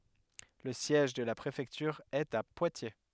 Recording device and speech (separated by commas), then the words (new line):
headset microphone, read sentence
Le siège de la préfecture est à Poitiers.